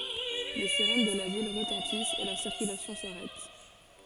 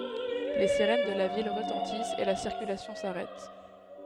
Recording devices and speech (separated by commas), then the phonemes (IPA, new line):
forehead accelerometer, headset microphone, read sentence
le siʁɛn də la vil ʁətɑ̃tist e la siʁkylasjɔ̃ saʁɛt